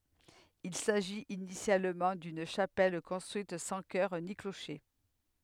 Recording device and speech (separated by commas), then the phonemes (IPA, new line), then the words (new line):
headset microphone, read sentence
il saʒit inisjalmɑ̃ dyn ʃapɛl kɔ̃stʁyit sɑ̃ kœʁ ni kloʃe
Il s’agit initialement d’une chapelle construite sans chœur ni clocher.